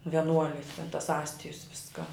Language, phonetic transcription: Lithuanian, veˈnuolis ten tas ˈastijus ˈviską

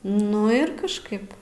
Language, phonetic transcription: Lithuanian, ˈnu ir kažˈkaip

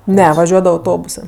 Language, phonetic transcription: Lithuanian, ˈne vaˈžiuodava auˈtobusɜ

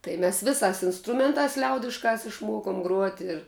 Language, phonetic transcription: Lithuanian, tai mes ˈviˌsās insˈtrumentās ˈliaudiškās išˈmuokom gruot' ir

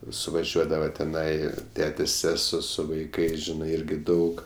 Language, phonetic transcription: Lithuanian, suvaˈžiuodava teˈnai ˈtetės' ˈsesuo su vaiˈkais ˈžinai ˈirgi ˈdaug

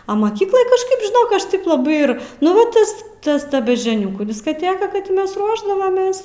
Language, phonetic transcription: Lithuanian, o maˈkyklaj kažˈkaip žiˈnok ˈaš ˈtaip laˈbai ir nu ˈva ˈtas ˈtas ˈta beždžioˈniukų diskaˈtėka ˈkad ti ˈmes ˈruošdavamės

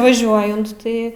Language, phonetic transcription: Lithuanian, vaˈžiuojant ˈtai

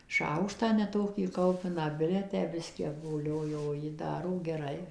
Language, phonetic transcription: Lithuanian, ˈšaukštą neˈtokį ˈkaupiną ˈbile tę ˈbiskį apvoˈlioju o ˈji ˈdaro geˈrai

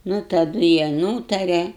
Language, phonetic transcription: Lithuanian, nu taˈdu jie ˈnūtare

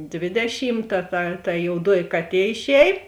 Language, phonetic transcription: Lithuanian, ˈdvėdešymˌta ta ta jouˈduoji ˈkaˌtie išˈēj

